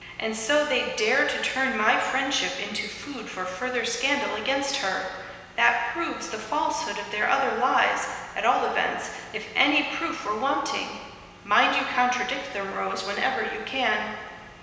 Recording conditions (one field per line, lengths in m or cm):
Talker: one person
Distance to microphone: 1.7 m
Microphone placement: close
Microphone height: 1.0 m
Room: very reverberant, large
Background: none